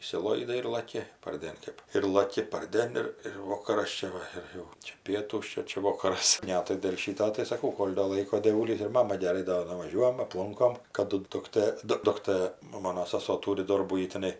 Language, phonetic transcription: Lithuanian, išsiˈloidai ir laˈki parˈdėn ˈkɜp ir laˈki parˈdėn ir ir ˈvokaras ˈčia va ir ˈjau čia ˈpietūs ˈčia ˈčia ˈvokaras ˈne tai dėl ˈšyto tai saˈkau ˈkol' do ˈlaiko dėˈvūlys ir ˈmama geˈrai do nuvaˈžiuojam apˈlunkom kaˈdu dukˈtɘ ˈdu ˈduktɘ nu ˈmono saˈso ˈtūri ˈdorbų ˈji teˈnai

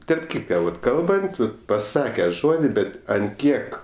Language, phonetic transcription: Lithuanian, tarp ˈkytka vat ˈkalbant ˈvat paˈsake ˈžodi ˈbet ant ˈkiek

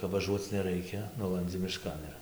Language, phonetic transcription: Lithuanian, kap vaˈžuoc neˈraikia ˈnulandzi miˈškan ir

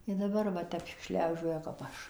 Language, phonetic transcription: Lithuanian, i daˈbar va ˈtep ˈšliaužioja kap ˈaš

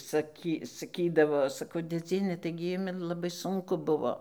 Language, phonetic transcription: Lithuanian, saˈky saˈkydavo saˈkau dėˈdziene ˈtaigi ˈjumi laˈbai ˈsunku ˈbuvo

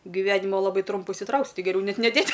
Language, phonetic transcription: Lithuanian, giˈvenimo laˈbai ˈtrumpu išsiˈtrauksi ˈtai geˈriau ˈnet neˈdėt'

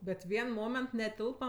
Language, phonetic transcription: Lithuanian, bet ˈvien ˈmoment neˈtilpa

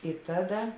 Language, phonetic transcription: Lithuanian, i ˈtaˌda

